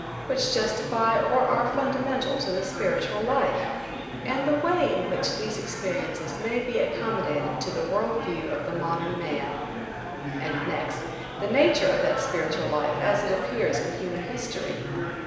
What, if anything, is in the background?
Crowd babble.